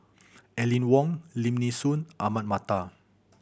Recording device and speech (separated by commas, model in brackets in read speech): boundary microphone (BM630), read sentence